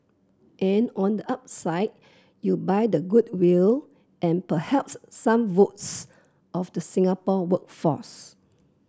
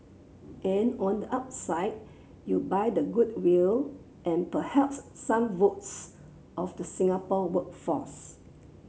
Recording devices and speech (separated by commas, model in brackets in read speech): close-talking microphone (WH30), mobile phone (Samsung C7), read sentence